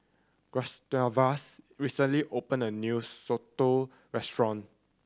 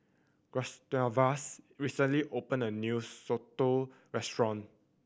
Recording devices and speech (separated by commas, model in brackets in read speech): standing microphone (AKG C214), boundary microphone (BM630), read sentence